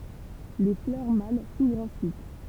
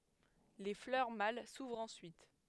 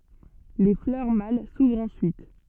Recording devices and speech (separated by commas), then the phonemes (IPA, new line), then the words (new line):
temple vibration pickup, headset microphone, soft in-ear microphone, read sentence
le flœʁ mal suvʁt ɑ̃syit
Les fleurs mâles s’ouvrent ensuite.